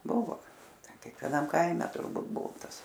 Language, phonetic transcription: Lithuanian, ˈbuvo ˈten kekveˈnam ˈkaime turˈbūt ˈbuvo ˈtas

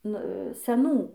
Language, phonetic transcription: Lithuanian, ˈnu seˈnų

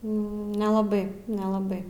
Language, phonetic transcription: Lithuanian, nelaˈbai nelaˈbai

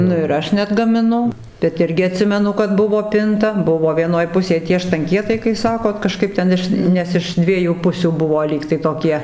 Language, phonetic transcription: Lithuanian, ˈnu ir ˈaš neatgamiˈnu bet ˈirgi aˈtsimenu kad ˈbuvo ˈpinta ˈbuvo vieˈnoj ˈpusėj tie štanˈkietai kai ˈsakot kaˈžkaip ten ˈiš ˈnes iš ˈdviejų ˈpusių ˈbuvo ˈlygtai toˈkie

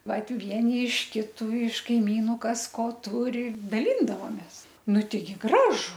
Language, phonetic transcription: Lithuanian, ˈvat ˈvieni iš ˈkitu iš kaiˈmynu ˈkas ˈko ˈturi daˈlyndavomės ˈnu ˈteigi ˈgražu

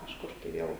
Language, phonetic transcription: Lithuanian, kažˈkur tai ˈviel

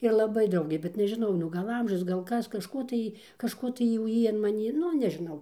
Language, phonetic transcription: Lithuanian, ir laˈbai ˈdraugė bet nežiˈnau nu ˈgal ˈamžius ˈgal ˈkas kažˈko tai kažˈko tai jau ˈjy an maˈnį ˈnu nežiˈnau

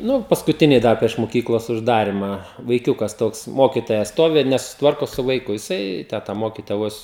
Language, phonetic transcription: Lithuanian, ˈnu paskuˈtiniai ˈdar prieš moˈkyklos užˈdarimą vaiˈkiūkas ˈtoks ˈmokitoja ˈstovi ir nesusiˈtvarko su vaiˈku jiˈsai ˈtę ta ˈmokitoja ˈvos

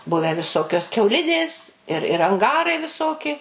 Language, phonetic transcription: Lithuanian, ˈbuvę viˈsokios kiauˈlidės ir ir anˈgarai viˈsoki

